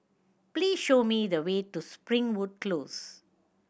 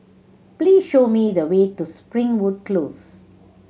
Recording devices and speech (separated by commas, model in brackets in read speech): boundary microphone (BM630), mobile phone (Samsung C7100), read sentence